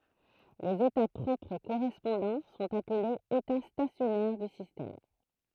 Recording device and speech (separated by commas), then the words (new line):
throat microphone, read sentence
Les états propres correspondants sont appelés états stationnaires du système.